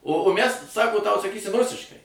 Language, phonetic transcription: Lithuanian, o o mæs ˈsako tau saˈkysim ˈrusiškai

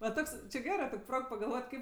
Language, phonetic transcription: Lithuanian, va ˈtoks či ˈgerɜ ˈtok' ˈprog pagalˈvot' ˈkaip

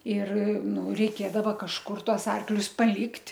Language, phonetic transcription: Lithuanian, ir ˈnu reiˈkėdava kažˈkur ˈtuos ˈarklius paˈlikt'

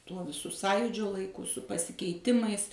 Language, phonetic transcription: Lithuanian, ˈtuo viˈsu ˈsąjūdžio laiˈku su pasikeiˈtimais

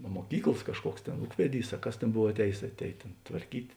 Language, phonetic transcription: Lithuanian, a muoˈkyklas ˈkažˌkuoks ˈtėn ˈūkveˌdys a ˈkas ˈtėn ˈbov atˈējės atˈēj tėn tvarˈkyt'

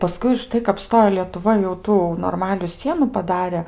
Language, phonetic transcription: Lithuanian, paˈskui užˈtai kap ˈstojo lietuˈva jau ˈtų norˈmaliu ˈsienu paˈdare

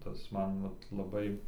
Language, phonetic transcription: Lithuanian, ˈtas ˈman ˈvat laˈbai

